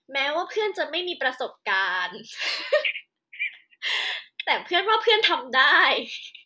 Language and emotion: Thai, happy